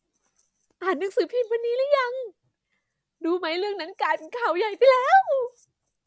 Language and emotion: Thai, happy